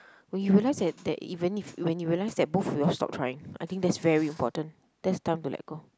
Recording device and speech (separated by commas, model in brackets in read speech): close-talking microphone, conversation in the same room